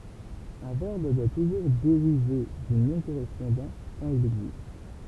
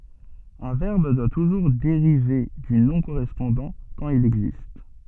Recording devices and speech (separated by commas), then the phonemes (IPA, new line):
temple vibration pickup, soft in-ear microphone, read sentence
œ̃ vɛʁb dwa tuʒuʁ deʁive dy nɔ̃ koʁɛspɔ̃dɑ̃ kɑ̃t il ɛɡzist